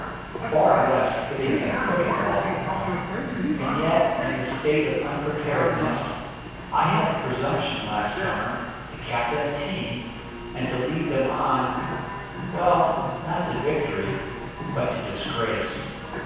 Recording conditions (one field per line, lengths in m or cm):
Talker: one person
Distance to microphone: 7.1 m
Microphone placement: far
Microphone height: 1.7 m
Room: very reverberant, large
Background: television